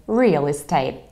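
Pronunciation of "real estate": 'Real estate' is said in an American accent.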